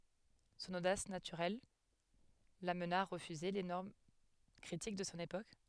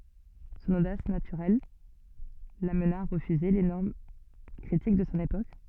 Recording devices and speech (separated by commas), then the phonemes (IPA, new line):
headset microphone, soft in-ear microphone, read sentence
sɔ̃n odas natyʁɛl lamna a ʁəfyze le nɔʁm kʁitik də sɔ̃ epok